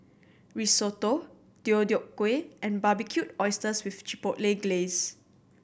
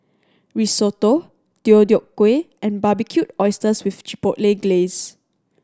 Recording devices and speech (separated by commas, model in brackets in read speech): boundary microphone (BM630), standing microphone (AKG C214), read sentence